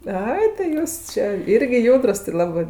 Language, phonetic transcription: Lithuanian, ˈai tai ˈjūs čė ˈirgi ˈjūdrus ti laˈbɜ

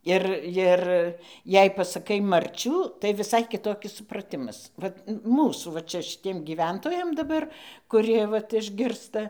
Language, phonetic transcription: Lithuanian, ˈir jir jei pasaˈkai marˈčių tai viˈsai kiˈtokis supraˈtimas ˈvat ˈmūsų va ˈčia šiˈtiem gyˈventojam daˈbar kuˈrie ˈvat išˈgirsta

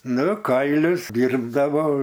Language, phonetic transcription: Lithuanian, ˈnu ˈkailius ˈdyrbdavo

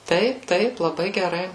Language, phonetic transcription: Lithuanian, ˈtaip ˈtaip laˈbai geˈrai

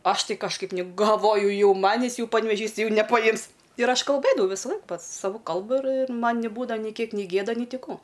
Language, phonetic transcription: Lithuanian, ˈaš ˈti kažˈkaip ni galˈvoju ˈjau ˈmanis ˈjau panveˈžys ˈtai ˈjau nepaˈjims ir ˈaš kalˈbɘdavau ˈvisaˌlaik ˈpat saˈvu ˈkalbu ir ir ˈman niˈbūdava ni ˈkiek ni ˈgėda ˈni ˈti ˈkų

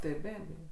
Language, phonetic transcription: Lithuanian, tai ˈbebėjo

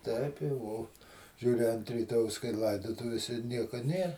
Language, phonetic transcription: Lithuanian, ˈteip jau ˈo ˈžiūri ant ryˈtojaus kai ˈlaidotuvėse ˈnieko ˈnė

